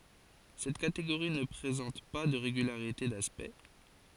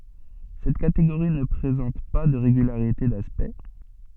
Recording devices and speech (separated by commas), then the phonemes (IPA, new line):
forehead accelerometer, soft in-ear microphone, read sentence
sɛt kateɡoʁi nə pʁezɑ̃t pa də ʁeɡylaʁite daspɛkt